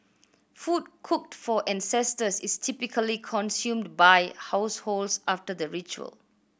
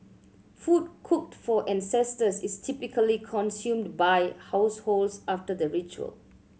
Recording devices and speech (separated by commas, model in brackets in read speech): boundary microphone (BM630), mobile phone (Samsung C7100), read sentence